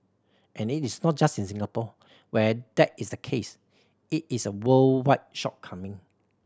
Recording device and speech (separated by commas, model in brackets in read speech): standing microphone (AKG C214), read sentence